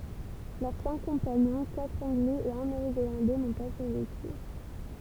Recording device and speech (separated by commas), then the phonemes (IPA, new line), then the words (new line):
temple vibration pickup, read sentence
lœʁ sɛ̃k kɔ̃paɲɔ̃ katʁ ɑ̃ɡlɛz e œ̃ neo zelɑ̃dɛ nɔ̃ pa syʁveky
Leurs cinq compagnons, quatre Anglais et un Néo-Zélandais, n'ont pas survécu.